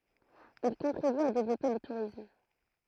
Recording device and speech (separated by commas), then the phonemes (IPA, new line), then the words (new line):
throat microphone, read sentence
il kɔ̃tʁiby a devlɔpe lə tuʁism
Il contribue à développer le tourisme.